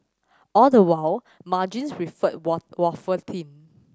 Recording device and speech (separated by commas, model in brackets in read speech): standing microphone (AKG C214), read sentence